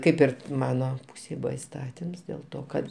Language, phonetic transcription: Lithuanian, ˈkaip ir ˈmano ˈpūsėj ˈbuva isˈtatims dėl ˈto kad

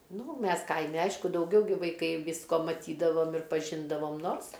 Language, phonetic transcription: Lithuanian, ˈnu ˈmes ˈkaime ˈaišku dauˈgiau gi vaiˈkai ˈvysko maˈtydavom ir paˈžindavom ˈnors

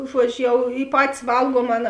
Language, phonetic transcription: Lithuanian, ˈžuodžiu ˈjau i ˈpatis ˈvalguom ˈaˌna

